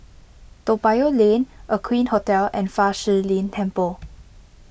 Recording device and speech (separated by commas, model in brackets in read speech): boundary microphone (BM630), read sentence